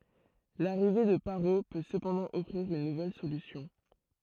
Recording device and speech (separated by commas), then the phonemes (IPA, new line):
throat microphone, read sentence
laʁive də paʁo pø səpɑ̃dɑ̃ ɔfʁiʁ yn nuvɛl solysjɔ̃